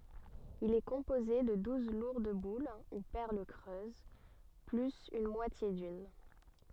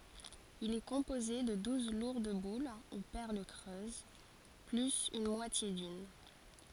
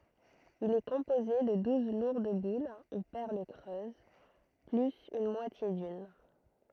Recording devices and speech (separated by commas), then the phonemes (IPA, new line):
soft in-ear microphone, forehead accelerometer, throat microphone, read sentence
il ɛ kɔ̃poze də duz luʁd bul u pɛʁl kʁøz plyz yn mwatje dyn